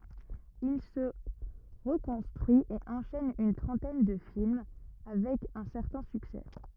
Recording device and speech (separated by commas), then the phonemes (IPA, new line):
rigid in-ear microphone, read sentence
il sə ʁəkɔ̃stʁyi e ɑ̃ʃɛn yn tʁɑ̃tɛn də film avɛk œ̃ sɛʁtɛ̃ syksɛ